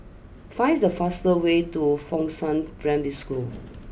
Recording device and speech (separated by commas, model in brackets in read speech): boundary microphone (BM630), read sentence